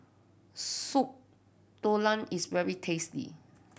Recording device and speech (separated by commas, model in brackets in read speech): boundary microphone (BM630), read sentence